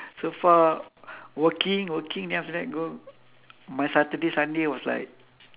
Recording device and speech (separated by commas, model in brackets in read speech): telephone, conversation in separate rooms